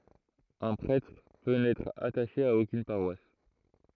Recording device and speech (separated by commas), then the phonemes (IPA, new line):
throat microphone, read sentence
œ̃ pʁɛtʁ pø nɛtʁ ataʃe a okyn paʁwas